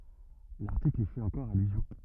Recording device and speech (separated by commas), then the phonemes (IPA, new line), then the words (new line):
rigid in-ear microphone, read sentence
laʁtikl i fɛt ɑ̃kɔʁ alyzjɔ̃
L'article y fait encore allusion.